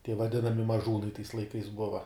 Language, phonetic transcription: Lithuanian, tie vaˈdinami maˈžūnai tais laiˈkais ˈbuva

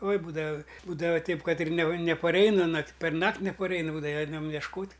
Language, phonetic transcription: Lithuanian, oi ˈbūdava ˈbūdava ˈteip ˈkad ir ne nepaˈreina nak' perˈnakt' nepaˈreina ˈbūdava ˈeinam ješˈkot'

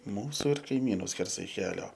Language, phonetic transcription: Lithuanian, ˈmūsu ir kaiˈmynu ˈskersai ˈkelio

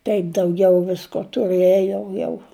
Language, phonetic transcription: Lithuanian, ˈtaip dauˈgiau ˈvisko tuˈrɘjo jau

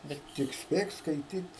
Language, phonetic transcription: Lithuanian, ˈbet tik ˈspėk skaiˈtyt

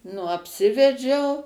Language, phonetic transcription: Lithuanian, nu apˈsivedžiau

